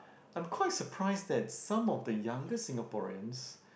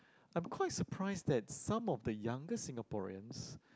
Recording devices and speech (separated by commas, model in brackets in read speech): boundary microphone, close-talking microphone, conversation in the same room